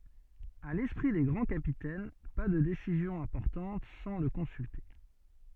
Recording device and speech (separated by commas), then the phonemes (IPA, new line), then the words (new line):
soft in-ear microphone, read sentence
a lɛspʁi de ɡʁɑ̃ kapitɛn pa də desizjɔ̃z ɛ̃pɔʁtɑ̃t sɑ̃ lə kɔ̃sylte
À l'esprit des grands capitaines, pas de décisions importantes sans le consulter.